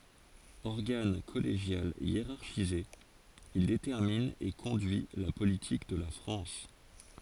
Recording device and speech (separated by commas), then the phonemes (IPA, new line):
forehead accelerometer, read sentence
ɔʁɡan kɔleʒjal jeʁaʁʃize il detɛʁmin e kɔ̃dyi la politik də la fʁɑ̃s